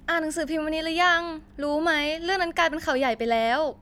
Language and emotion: Thai, frustrated